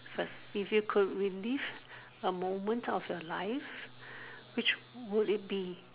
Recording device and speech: telephone, conversation in separate rooms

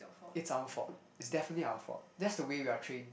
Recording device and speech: boundary microphone, conversation in the same room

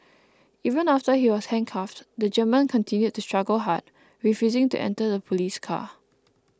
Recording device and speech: close-talking microphone (WH20), read sentence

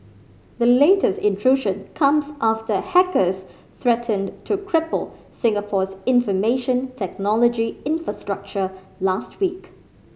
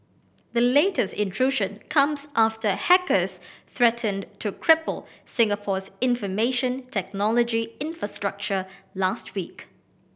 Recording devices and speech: mobile phone (Samsung C5010), boundary microphone (BM630), read sentence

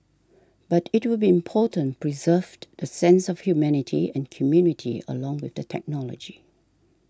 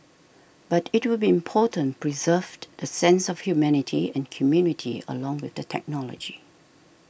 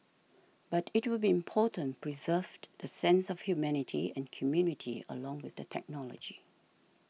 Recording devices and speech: standing microphone (AKG C214), boundary microphone (BM630), mobile phone (iPhone 6), read sentence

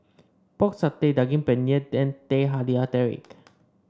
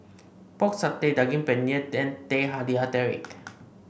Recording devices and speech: standing microphone (AKG C214), boundary microphone (BM630), read sentence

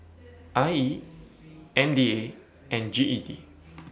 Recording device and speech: boundary microphone (BM630), read sentence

